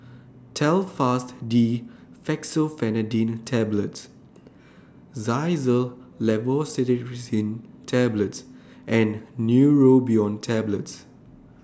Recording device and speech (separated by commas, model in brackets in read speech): standing microphone (AKG C214), read sentence